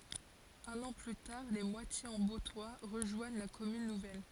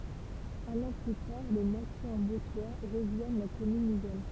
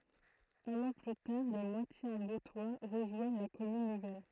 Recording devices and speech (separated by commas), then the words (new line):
forehead accelerometer, temple vibration pickup, throat microphone, read sentence
Un an plus tard, Les Moitiers-en-Bauptois rejoignent la commune nouvelle.